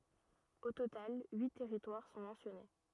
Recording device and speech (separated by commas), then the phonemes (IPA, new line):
rigid in-ear microphone, read sentence
o total yi tɛʁitwaʁ sɔ̃ mɑ̃sjɔne